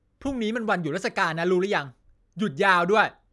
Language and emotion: Thai, angry